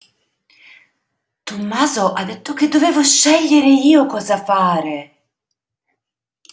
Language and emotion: Italian, surprised